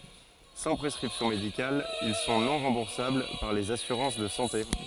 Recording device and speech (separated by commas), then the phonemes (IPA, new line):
forehead accelerometer, read sentence
sɑ̃ pʁɛskʁipsjɔ̃ medikal il sɔ̃ nɔ̃ ʁɑ̃buʁsabl paʁ lez asyʁɑ̃s də sɑ̃te